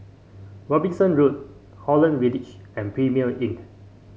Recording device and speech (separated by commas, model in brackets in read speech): mobile phone (Samsung C5), read sentence